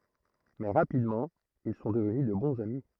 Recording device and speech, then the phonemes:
throat microphone, read sentence
mɛ ʁapidmɑ̃ il sɔ̃ dəvny də bɔ̃z ami

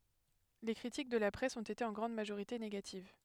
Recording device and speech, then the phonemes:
headset microphone, read sentence
le kʁitik də la pʁɛs ɔ̃t ete ɑ̃ ɡʁɑ̃d maʒoʁite neɡativ

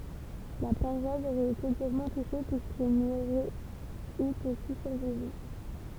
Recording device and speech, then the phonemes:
temple vibration pickup, read sentence
la paʁwas oʁɛt ete dyʁmɑ̃ tuʃe pyiskil ni oʁɛt y kə si syʁvivɑ̃

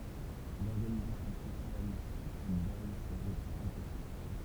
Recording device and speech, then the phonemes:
temple vibration pickup, read sentence
lɔʁɡanizasjɔ̃ sosjal syʁ sɛt baz səʁɛt ɛ̃pɔsibl

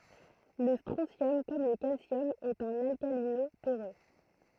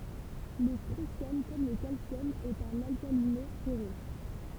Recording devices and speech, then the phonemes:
throat microphone, temple vibration pickup, read sentence
lə stʁɔ̃sjɔm kɔm lə kalsjɔm ɛt œ̃n alkalino tɛʁø

